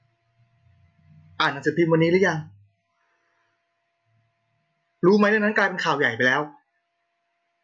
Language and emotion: Thai, frustrated